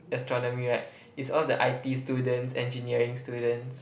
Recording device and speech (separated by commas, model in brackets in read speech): boundary microphone, conversation in the same room